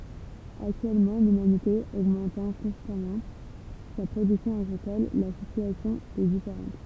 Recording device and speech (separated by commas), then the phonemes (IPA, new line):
temple vibration pickup, read sentence
aktyɛlmɑ̃ lymanite oɡmɑ̃tɑ̃ kɔ̃stamɑ̃ sa pʁodyksjɔ̃ aɡʁikɔl la sityasjɔ̃ ɛ difeʁɑ̃t